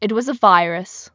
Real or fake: real